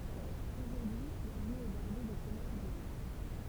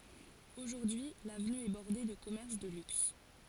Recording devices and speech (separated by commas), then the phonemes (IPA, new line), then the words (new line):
temple vibration pickup, forehead accelerometer, read sentence
oʒuʁdyi lavny ɛ bɔʁde də kɔmɛʁs də lyks
Aujourd'hui, l'avenue est bordée de commerces de luxe.